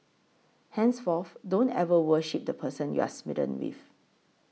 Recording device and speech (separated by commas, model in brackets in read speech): mobile phone (iPhone 6), read sentence